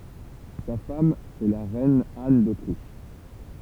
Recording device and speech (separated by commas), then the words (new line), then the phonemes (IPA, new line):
temple vibration pickup, read sentence
Sa femme est la reine Anne d'Autriche.
sa fam ɛ la ʁɛn an dotʁiʃ